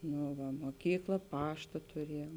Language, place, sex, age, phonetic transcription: Lithuanian, Žemaitija, female, 18-60, ˈnu va moˈkykla ˈpašta tuˈriejuom

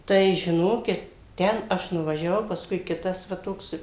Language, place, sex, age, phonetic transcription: Lithuanian, Suvalkija, female, 60+, ˈtai žiˈnokit ˈten ˈaš nuvažiaˈvau pasˈkui ˈkitas va ˈtoks

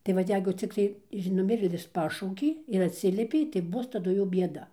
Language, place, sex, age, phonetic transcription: Lithuanian, Dzūkija, female, 60+, tai ˈvat ˈjeigu ˈciktai iž nuˈmirėlis paˈšaukė ir atˈsiliepei tai ˈbus taˈdu jau bieˈda

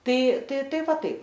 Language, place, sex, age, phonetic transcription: Lithuanian, Aukštaitija, female, 18-60, ˈtai ˈtai ˈtai ˈva ˈtaip

